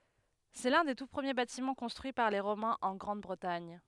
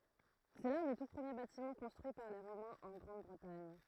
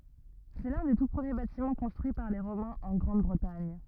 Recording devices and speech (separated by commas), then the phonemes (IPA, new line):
headset microphone, throat microphone, rigid in-ear microphone, read sentence
sɛ lœ̃ de tu pʁəmje batimɑ̃ kɔ̃stʁyi paʁ le ʁomɛ̃z ɑ̃ ɡʁɑ̃dbʁətaɲ